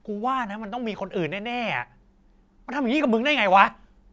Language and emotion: Thai, angry